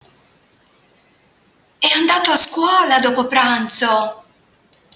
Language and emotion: Italian, surprised